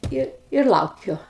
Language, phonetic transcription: Lithuanian, ˈir ir ˈlaukiu

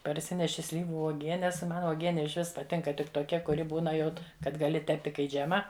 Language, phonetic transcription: Lithuanian, parˈsineši ˈslyvu uoˈgienes ˈman uoˈgieni iš ˈvis paˈtinka ˈtik toˈkia kuˈri ˈbūna ˈjaut kad gaˈli ˈtepti kai ˈdžema

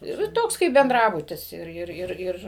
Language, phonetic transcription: Lithuanian, ir i ˈtoks kaip benˈdrabutis ˈir ˈir ˈir ˈir

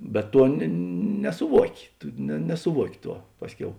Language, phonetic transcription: Lithuanian, bet ˈtuo ne nesuˈvuoki ˈtu ne nesuˈvuoki ˈtuo ˈpasˌkiau

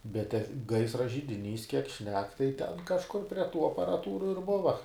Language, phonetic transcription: Lithuanian, bet te ˈgaisra židiˈnys kiek ˈšnek tai ˈten kažˈkur prie ˈtų aparaˈtūru ir ˈbuva

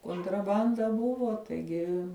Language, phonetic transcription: Lithuanian, kontraˈbanda ˈbuvo taiˈgi

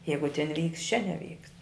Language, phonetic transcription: Lithuanian, ˈjeigu tin vykst čia neˈvykst

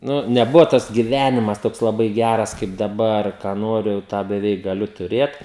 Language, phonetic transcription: Lithuanian, ˈnu neˈbuvo tas giˈvenimas ˈtoks laˈbai ˈgæras kaip daˈbar ką ˈnoriu jau ˈtą beˈveik gaˈliu tuˈrėt

